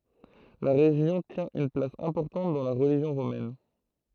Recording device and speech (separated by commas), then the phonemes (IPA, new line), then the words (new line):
throat microphone, read sentence
la ʁeʒjɔ̃ tjɛ̃ yn plas ɛ̃pɔʁtɑ̃t dɑ̃ la ʁəliʒjɔ̃ ʁomɛn
La région tient une place importante dans la religion romaine.